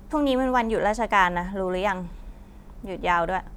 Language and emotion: Thai, frustrated